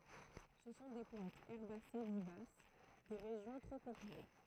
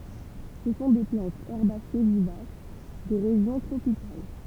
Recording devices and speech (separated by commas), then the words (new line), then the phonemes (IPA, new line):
throat microphone, temple vibration pickup, read sentence
Ce sont des plantes herbacées vivaces des régions tropicales.
sə sɔ̃ de plɑ̃tz ɛʁbase vivas de ʁeʒjɔ̃ tʁopikal